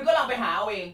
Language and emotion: Thai, angry